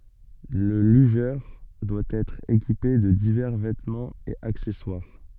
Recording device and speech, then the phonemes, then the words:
soft in-ear microphone, read sentence
lə lyʒœʁ dwa ɛtʁ ekipe də divɛʁ vɛtmɑ̃z e aksɛswaʁ
Le lugeur doit être équipé de divers vêtements et accessoires.

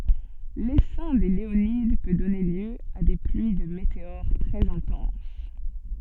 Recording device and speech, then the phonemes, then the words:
soft in-ear microphone, read sentence
lesɛ̃ de leonid pø dɔne ljø a de plyi də meteoʁ tʁɛz ɛ̃tɑ̃s
L'essaim des Léonides peut donner lieu à des pluies de météores très intenses.

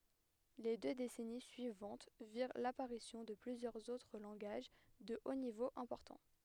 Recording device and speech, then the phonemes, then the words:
headset microphone, read sentence
le dø desɛni syivɑ̃t viʁ lapaʁisjɔ̃ də plyzjœʁz otʁ lɑ̃ɡaʒ də o nivo ɛ̃pɔʁtɑ̃
Les deux décennies suivantes virent l'apparition de plusieurs autres langages de haut niveau importants.

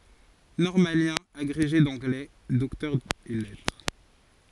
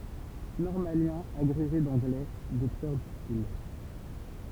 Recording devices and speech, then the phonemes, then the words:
forehead accelerometer, temple vibration pickup, read sentence
nɔʁmaljɛ̃ aɡʁeʒe dɑ̃ɡlɛ dɔktœʁ ɛs lɛtʁ
Normalien, agrégé d'anglais, docteur ès lettres.

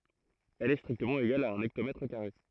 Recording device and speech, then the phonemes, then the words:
throat microphone, read sentence
ɛl ɛ stʁiktəmɑ̃ eɡal a œ̃n ɛktomɛtʁ kaʁe
Elle est strictement égale à un hectomètre carré.

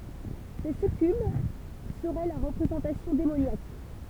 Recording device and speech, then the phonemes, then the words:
temple vibration pickup, read sentence
se sykyb səʁɛ lœʁ ʁəpʁezɑ̃tasjɔ̃ demonjak
Ces succubes seraient leur représentation démoniaque.

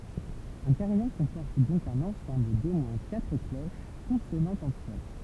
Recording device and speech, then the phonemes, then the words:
temple vibration pickup, read sentence
œ̃ kaʁijɔ̃ kɔ̃pɔʁt dɔ̃k œ̃n ɑ̃sɑ̃bl do mwɛ̃ katʁ kloʃ kɔ̃sonɑ̃tz ɑ̃tʁ ɛl
Un carillon comporte donc un ensemble d'au moins quatre cloches consonantes entre elles.

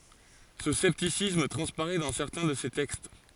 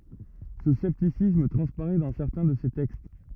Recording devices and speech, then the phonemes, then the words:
forehead accelerometer, rigid in-ear microphone, read sentence
sə sɛptisism tʁɑ̃spaʁɛ dɑ̃ sɛʁtɛ̃ də se tɛkst
Ce scepticisme transparaît dans certains de ses textes.

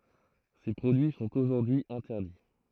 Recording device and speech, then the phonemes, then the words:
throat microphone, read sentence
se pʁodyi sɔ̃t oʒuʁdyi ɛ̃tɛʁdi
Ces produits sont aujourd'hui interdits.

